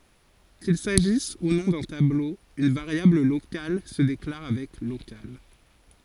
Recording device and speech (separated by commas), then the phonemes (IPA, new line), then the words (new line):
forehead accelerometer, read sentence
kil saʒis u nɔ̃ dœ̃ tablo yn vaʁjabl lokal sə deklaʁ avɛk lokal
Qu'il s'agisse ou non d'un tableau, une variable locale se déclare avec local.